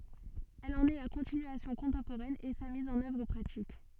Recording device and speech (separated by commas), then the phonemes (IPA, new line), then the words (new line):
soft in-ear microphone, read sentence
ɛl ɑ̃n ɛ la kɔ̃tinyasjɔ̃ kɔ̃tɑ̃poʁɛn e sa miz ɑ̃n œvʁ pʁatik
Elle en est la continuation contemporaine et sa mise en œuvre pratique.